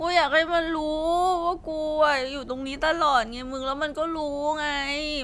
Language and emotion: Thai, sad